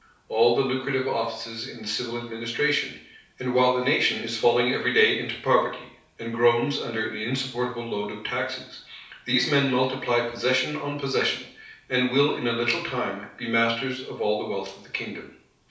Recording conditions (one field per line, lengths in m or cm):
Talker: one person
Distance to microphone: 3.0 m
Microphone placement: far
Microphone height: 1.8 m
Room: small (3.7 m by 2.7 m)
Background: none